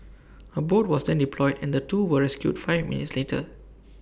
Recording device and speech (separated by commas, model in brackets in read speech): boundary microphone (BM630), read sentence